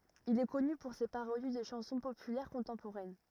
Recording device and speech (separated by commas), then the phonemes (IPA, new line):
rigid in-ear microphone, read sentence
il ɛ kɔny puʁ se paʁodi də ʃɑ̃sɔ̃ popylɛʁ kɔ̃tɑ̃poʁɛn